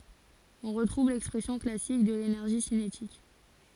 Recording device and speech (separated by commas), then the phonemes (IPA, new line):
forehead accelerometer, read sentence
ɔ̃ ʁətʁuv lɛkspʁɛsjɔ̃ klasik də lenɛʁʒi sinetik